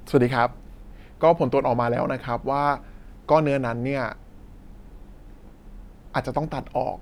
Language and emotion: Thai, neutral